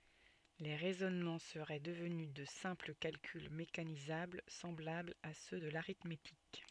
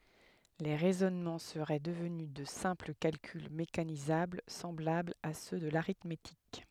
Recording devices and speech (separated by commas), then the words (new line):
soft in-ear microphone, headset microphone, read sentence
Les raisonnements seraient devenus de simples calculs mécanisables semblables à ceux de l'arithmétique.